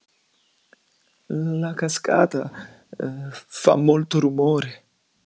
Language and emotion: Italian, fearful